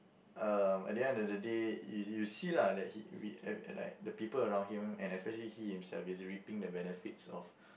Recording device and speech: boundary microphone, conversation in the same room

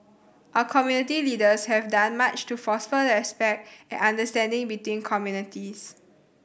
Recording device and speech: boundary microphone (BM630), read sentence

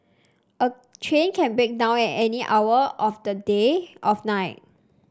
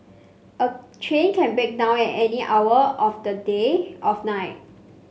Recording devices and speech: standing microphone (AKG C214), mobile phone (Samsung C5), read sentence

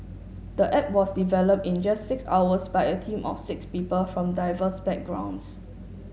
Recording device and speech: mobile phone (Samsung S8), read sentence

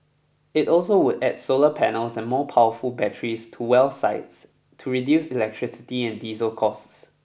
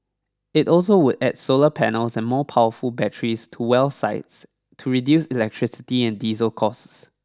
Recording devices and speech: boundary microphone (BM630), standing microphone (AKG C214), read sentence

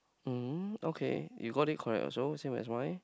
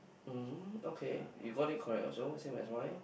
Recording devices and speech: close-talking microphone, boundary microphone, conversation in the same room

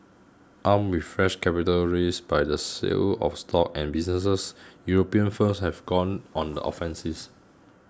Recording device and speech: close-talking microphone (WH20), read sentence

